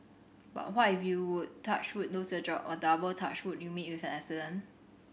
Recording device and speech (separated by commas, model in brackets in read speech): boundary microphone (BM630), read sentence